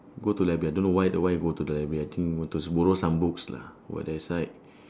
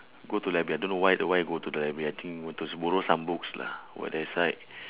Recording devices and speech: standing microphone, telephone, conversation in separate rooms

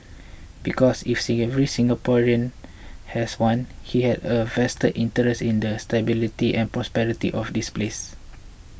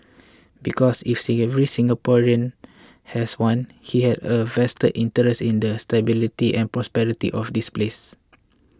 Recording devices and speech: boundary microphone (BM630), close-talking microphone (WH20), read sentence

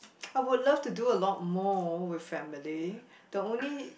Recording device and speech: boundary microphone, conversation in the same room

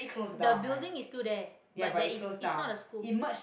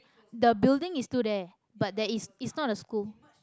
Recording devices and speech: boundary microphone, close-talking microphone, conversation in the same room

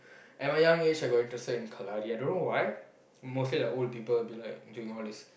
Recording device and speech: boundary microphone, conversation in the same room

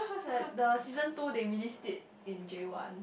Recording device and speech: boundary microphone, conversation in the same room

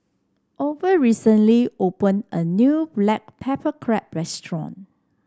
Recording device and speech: standing microphone (AKG C214), read sentence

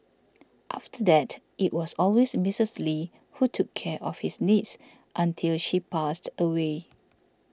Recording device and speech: standing microphone (AKG C214), read sentence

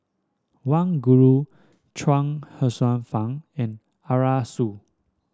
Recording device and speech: standing microphone (AKG C214), read sentence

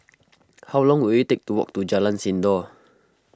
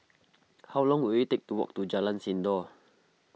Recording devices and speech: close-talking microphone (WH20), mobile phone (iPhone 6), read sentence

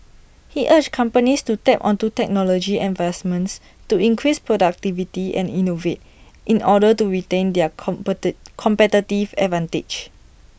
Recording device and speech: boundary microphone (BM630), read sentence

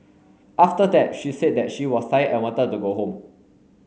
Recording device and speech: mobile phone (Samsung S8), read sentence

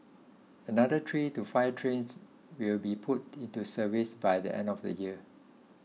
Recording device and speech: mobile phone (iPhone 6), read sentence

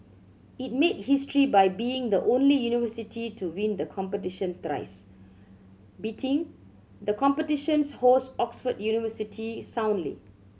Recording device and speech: mobile phone (Samsung C7100), read sentence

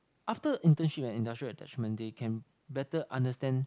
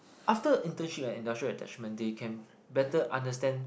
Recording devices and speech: close-talking microphone, boundary microphone, conversation in the same room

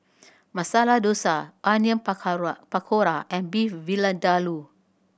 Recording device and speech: boundary microphone (BM630), read sentence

